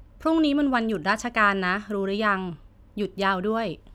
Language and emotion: Thai, neutral